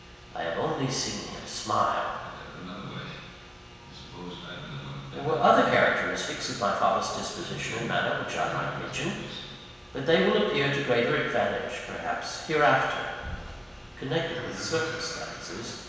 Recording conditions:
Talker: one person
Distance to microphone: 1.7 m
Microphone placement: close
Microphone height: 1.0 m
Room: very reverberant, large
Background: television

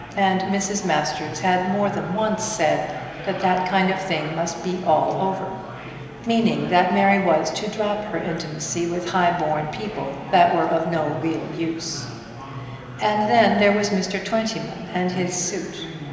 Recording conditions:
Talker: one person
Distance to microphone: 1.7 m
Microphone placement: close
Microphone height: 1.0 m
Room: very reverberant, large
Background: babble

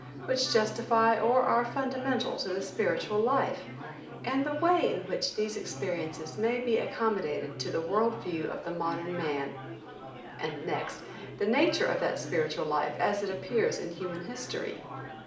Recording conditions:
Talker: one person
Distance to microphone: 2.0 m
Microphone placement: close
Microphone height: 99 cm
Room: medium-sized (5.7 m by 4.0 m)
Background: babble

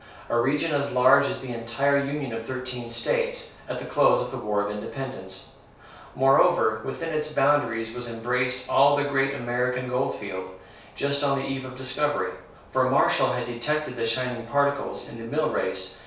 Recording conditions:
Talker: one person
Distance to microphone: 3.0 m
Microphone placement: far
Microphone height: 1.8 m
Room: small (3.7 m by 2.7 m)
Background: none

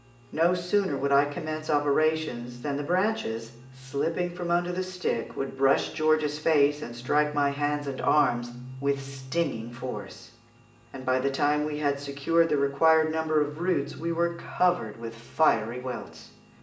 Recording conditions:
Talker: one person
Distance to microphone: 1.8 m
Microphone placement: close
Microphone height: 1.0 m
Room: large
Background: music

